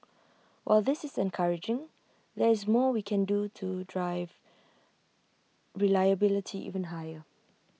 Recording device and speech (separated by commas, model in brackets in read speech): mobile phone (iPhone 6), read sentence